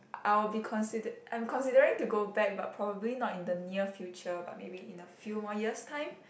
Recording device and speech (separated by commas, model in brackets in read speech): boundary microphone, conversation in the same room